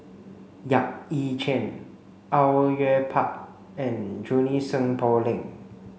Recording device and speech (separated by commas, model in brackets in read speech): mobile phone (Samsung C5), read sentence